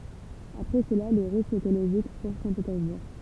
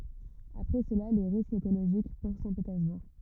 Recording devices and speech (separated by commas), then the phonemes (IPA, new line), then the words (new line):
temple vibration pickup, rigid in-ear microphone, read sentence
apʁɛ səla le ʁiskz ekoloʒik puʁ sɛ̃tpetɛʁzbuʁ
Après cela, les risques écologiques pour Saint-Pétersbourg.